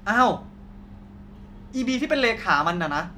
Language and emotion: Thai, frustrated